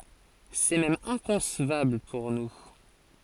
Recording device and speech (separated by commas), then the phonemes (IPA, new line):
forehead accelerometer, read sentence
sɛ mɛm ɛ̃kɔ̃svabl puʁ nu